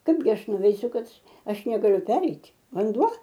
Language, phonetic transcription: Lithuanian, ˈkaipgi ˈaš nuveiˈsiu ˈkad ˈaš negaˈliu ˈpereit' vanˈduo

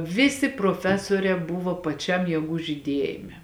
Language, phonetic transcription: Lithuanian, ˈvisi proˈfesuorē ˈbuvo paˈčiam jieˈgų žyˈdiejime

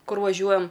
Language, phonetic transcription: Lithuanian, ˈkur vaˈžiuojam

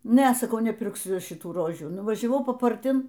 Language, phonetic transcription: Lithuanian, ˈne saˈkau nepirkˈsiu šiˈtų ˈrožių nuvažiaˈvau paparˈtin

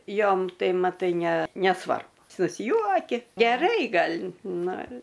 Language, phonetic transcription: Lithuanian, ˈjom ˈtai maˈtai ne neˈsvarbu susˈjuoki geˈrai ˈgal' ˈnu

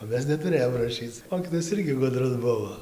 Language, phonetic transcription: Lithuanian, o ˈmes netuˈrėjom raˈšyc ˈmokytojas ˈirgi ˈgudrus ˈbuvo

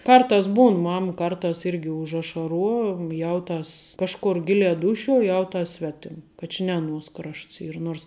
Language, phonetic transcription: Lithuanian, ˈkartās ˈbūn ˈmam ˈkartās ˈirgi užašaˈruo ˈjauˌtas ˈkažkur ˈgiliā ˈdūšiuo ˈjauˌtas ˈsvetim ˈka či ne aˈnuos ˈkrašts ˈyr ˈnuors

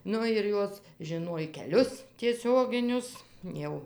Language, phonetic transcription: Lithuanian, ˈnu ir ˈjos žiˈnuoj keˈlius tieˈsioginius ˈjau

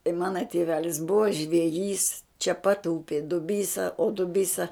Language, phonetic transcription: Lithuanian, i ˈmana tiˈvelis ˈbuva žveˈjys čia pat ˈupi duˈbysa o duˈbysa

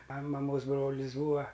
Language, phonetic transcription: Lithuanian, a maˈmos ˈbrolis ˈbūa

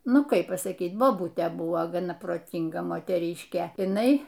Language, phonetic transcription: Lithuanian, ˈnu ˈkaip pasaˈkyt boˈbutė ˈbuvo gaˈna proˈtynga moteˈryškė iˈnai

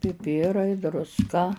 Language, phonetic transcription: Lithuanian, piˈpirai drusˈka

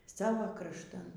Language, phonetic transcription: Lithuanian, ˈsavo krašˈtan

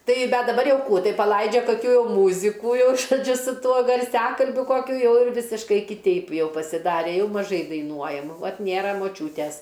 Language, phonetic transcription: Lithuanian, ˈtai ˈbet daˈbar ˈjau ˈkų ˈtai paˈlaidžia kaˈkių ˈjau ˈmūzikų ˈjau žoˈdžiu su ˈtuo garˈsiakalbiu ˈkokiu ˈjau ir ˈvisiškai kiˈteip ˈjau pasiˈdare ˈjau maˈžai daiˈnuojam ˈvat ˈnėra moˈčiūtes

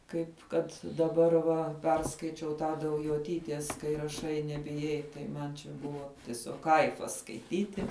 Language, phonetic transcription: Lithuanian, ˈkaip kad daˈbar va ˈperskaičiau tą daujoˈtytės kai raˈšai nebiˈjai tai ˈman čia ˈbuvo tiˈsiog ˈkaifas skaiˈtyti

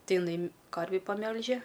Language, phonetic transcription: Lithuanian, ˈtai iˈnai ˈkarvį paˈmelže

